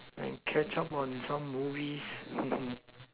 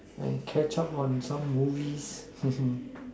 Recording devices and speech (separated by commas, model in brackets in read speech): telephone, standing microphone, conversation in separate rooms